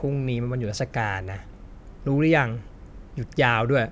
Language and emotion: Thai, frustrated